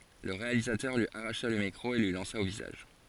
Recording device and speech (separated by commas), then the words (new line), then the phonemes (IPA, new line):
forehead accelerometer, read sentence
Le réalisateur lui arracha le micro et lui lança au visage.
lə ʁealizatœʁ lyi aʁaʃa lə mikʁo e lyi lɑ̃sa o vizaʒ